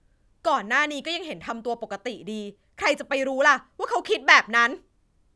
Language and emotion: Thai, angry